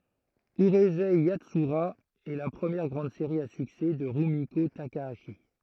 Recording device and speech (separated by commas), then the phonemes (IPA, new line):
throat microphone, read sentence
yʁyzɛ jatsyʁa ɛ la pʁəmjɛʁ ɡʁɑ̃d seʁi a syksɛ də ʁymiko takaaʃi